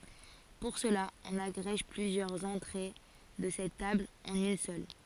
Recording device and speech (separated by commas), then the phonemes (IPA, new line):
forehead accelerometer, read sentence
puʁ səla ɔ̃n aɡʁɛʒ plyzjœʁz ɑ̃tʁe də sɛt tabl ɑ̃n yn sœl